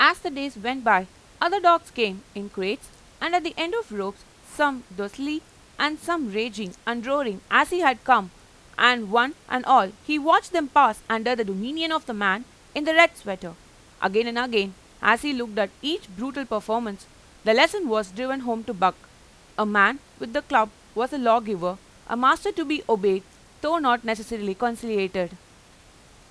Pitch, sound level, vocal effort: 240 Hz, 93 dB SPL, loud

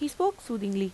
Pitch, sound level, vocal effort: 235 Hz, 85 dB SPL, normal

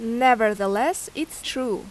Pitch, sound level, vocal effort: 255 Hz, 86 dB SPL, loud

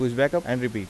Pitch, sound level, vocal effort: 125 Hz, 86 dB SPL, normal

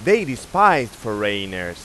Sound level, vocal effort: 98 dB SPL, very loud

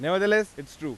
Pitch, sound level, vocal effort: 165 Hz, 98 dB SPL, loud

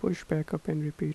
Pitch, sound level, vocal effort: 155 Hz, 78 dB SPL, soft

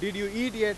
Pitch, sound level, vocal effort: 210 Hz, 99 dB SPL, very loud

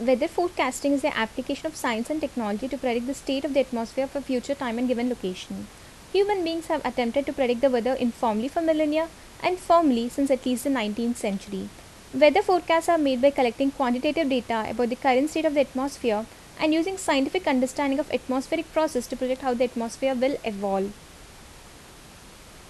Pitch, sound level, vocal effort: 265 Hz, 78 dB SPL, normal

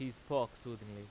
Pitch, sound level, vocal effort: 120 Hz, 91 dB SPL, loud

